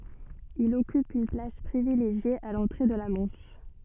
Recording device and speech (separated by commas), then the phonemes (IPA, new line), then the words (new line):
soft in-ear microphone, read sentence
il ɔkyp yn plas pʁivileʒje a lɑ̃tʁe də la mɑ̃ʃ
Il occupe une place privilégiée à l'entrée de la Manche.